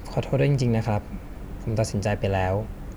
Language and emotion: Thai, sad